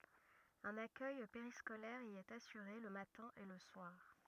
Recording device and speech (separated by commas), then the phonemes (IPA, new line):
rigid in-ear microphone, read sentence
œ̃n akœj peʁiskolɛʁ i ɛt asyʁe lə matɛ̃ e lə swaʁ